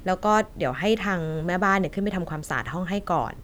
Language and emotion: Thai, neutral